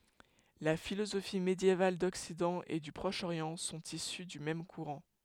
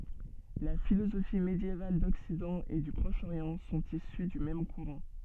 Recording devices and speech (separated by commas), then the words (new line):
headset microphone, soft in-ear microphone, read sentence
La philosophie médiévale d'Occident et du Proche-Orient sont issues du même courant.